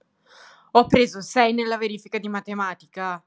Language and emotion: Italian, angry